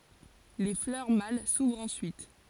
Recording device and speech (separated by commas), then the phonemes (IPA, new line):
forehead accelerometer, read sentence
le flœʁ mal suvʁt ɑ̃syit